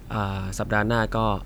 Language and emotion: Thai, neutral